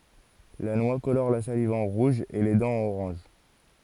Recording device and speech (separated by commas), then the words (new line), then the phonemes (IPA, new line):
forehead accelerometer, read sentence
La noix colore la salive en rouge et les dents en orange.
la nwa kolɔʁ la saliv ɑ̃ ʁuʒ e le dɑ̃z ɑ̃n oʁɑ̃ʒ